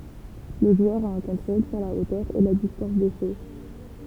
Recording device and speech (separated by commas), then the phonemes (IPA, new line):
temple vibration pickup, read sentence
lə ʒwœʁ a œ̃ kɔ̃tʁol syʁ la otœʁ e la distɑ̃s de so